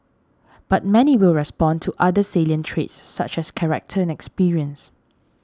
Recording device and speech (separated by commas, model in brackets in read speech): standing microphone (AKG C214), read sentence